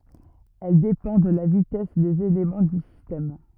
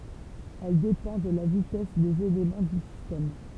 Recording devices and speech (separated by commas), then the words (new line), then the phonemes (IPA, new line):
rigid in-ear microphone, temple vibration pickup, read sentence
Elle dépend de la vitesse des éléments du système.
ɛl depɑ̃ də la vitɛs dez elemɑ̃ dy sistɛm